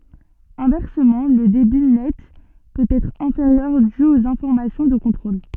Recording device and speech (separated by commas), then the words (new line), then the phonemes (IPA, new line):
soft in-ear microphone, read sentence
Inversement, le débit net peut être inférieur dû aux informations de contrôle.
ɛ̃vɛʁsəmɑ̃ lə debi nɛt pøt ɛtʁ ɛ̃feʁjœʁ dy oz ɛ̃fɔʁmasjɔ̃ də kɔ̃tʁol